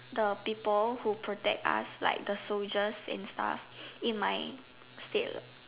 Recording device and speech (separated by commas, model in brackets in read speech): telephone, conversation in separate rooms